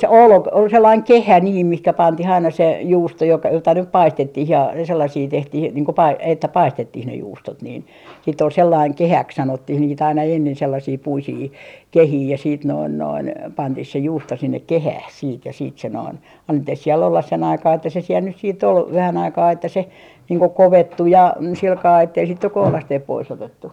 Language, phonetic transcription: Finnish, ol k- , ol sellaiŋ "kehä niim 'mihkä 'pantih aina se juusto jok - jota nyp "paistettih ja , 'sellasii 'tehtih niiŋ ko pai- , että 'paistettih ne 'juustot niin , siitt ‿ol sellaiŋ "kehäks 'sanottih niit ‿aina ennen sellasii 'puisii , "kehii ja siit noin noin , 'pantih se 'juusto sinnek "kehäh siit ja siit se noin , annettih siel ollas se'n ‿aikaa että se siel nys siitt ‿ol , 'vähän aikaa että se niiŋ ko "kovettu ja , 'silkaa ettei sit nyk 'kohlasteep 'pois 'otettu .
- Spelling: oli - oli sellainen kehä niin mihin pantiin aina se juusto - jota nyt paistettiin ja sellaisia tehtiin niin kuin - että paistettiin ne juustot niin sitten oli sellainen kehäksi sanottiin niitä aina ennen sellaisia puisia kehiä ja sitten noin noin pantiin se juusto sinne kehään sitten ja sitten se noin annettiin siellä olla sen aikaa että se siellä nyt sitten oli vähän aikaa että se niin kuin kovettui ja sillä kalella että ei sitten nyt kohdasteen pois otettu

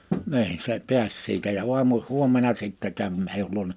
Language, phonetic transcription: Finnish, 'ni̬in se 'pi̬äs siitä ja 'uamu , 'huommena sìttɛ käv mei(jä)l luona .
- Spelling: niin se pääsi siitä ja aamu huomenna sitten kävi meidän luona

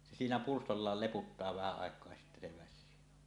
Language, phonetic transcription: Finnish, se siinä 'purstollaal leputtaa vähä àek̀oa ja sittä se "väs̆syy .
- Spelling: se siinä pyrstöllään leputtaa vähän aikaa ja sitten se väsyy

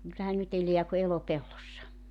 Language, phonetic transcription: Finnish, kyllähän 'nyt ‿elḙä ku 'elopellossa .
- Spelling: kyllähän nyt elää kuin elopellossa

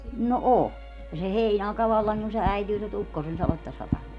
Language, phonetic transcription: Finnish, no "o , ja se 'heinàeka 'vallaŋki kun se 'äityy nyt 'ukkose(n saletta) satamaa .
- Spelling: no on ja se heinäaika vallankin kun se äityy nyt ukkosen sadetta satamaan

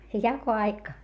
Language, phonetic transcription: Finnish, jako₍aika ?
- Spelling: jakoaika

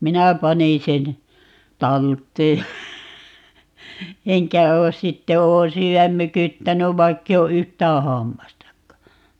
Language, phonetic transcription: Finnish, 'minä 'panin 'sen , "talt̀ee (ja) , 'eŋkä 'oos - 'sitte 'oon 'syy₍äm "mykyttänyv 'vaikkei o "yht̀ää 'hammastakka .
- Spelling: minä panin sen talteen ja enkä ole sitten olen syödä mykyttänyt vaikka ei ole yhtään hammastakaan

